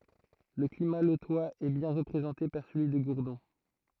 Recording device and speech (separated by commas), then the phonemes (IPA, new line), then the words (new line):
throat microphone, read sentence
lə klima lotwaz ɛ bjɛ̃ ʁəpʁezɑ̃te paʁ səlyi də ɡuʁdɔ̃
Le climat lotois est bien représenté par celui de Gourdon.